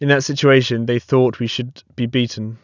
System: none